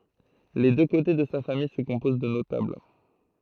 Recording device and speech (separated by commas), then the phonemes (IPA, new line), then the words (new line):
throat microphone, read sentence
le dø kote də sa famij sə kɔ̃poz də notabl
Les deux côtés de sa famille se composent de notables.